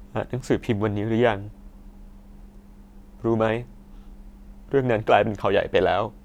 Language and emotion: Thai, sad